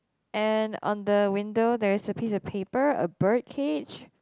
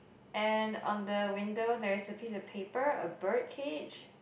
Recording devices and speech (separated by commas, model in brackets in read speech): close-talking microphone, boundary microphone, conversation in the same room